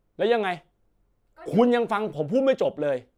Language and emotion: Thai, angry